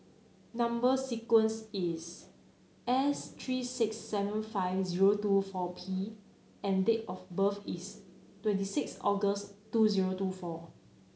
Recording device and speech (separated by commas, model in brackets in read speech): mobile phone (Samsung C9), read sentence